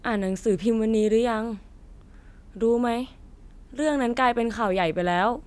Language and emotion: Thai, frustrated